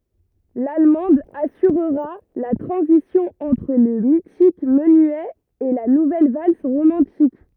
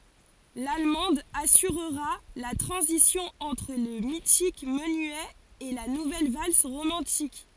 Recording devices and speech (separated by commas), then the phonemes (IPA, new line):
rigid in-ear microphone, forehead accelerometer, read sentence
lalmɑ̃d asyʁʁa la tʁɑ̃zisjɔ̃ ɑ̃tʁ lə mitik mənyɛ e la nuvɛl vals ʁomɑ̃tik